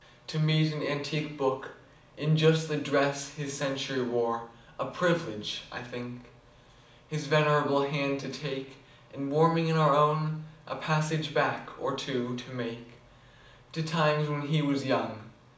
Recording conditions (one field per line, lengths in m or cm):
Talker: one person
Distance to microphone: 2.0 m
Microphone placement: close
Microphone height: 99 cm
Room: medium-sized (5.7 m by 4.0 m)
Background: none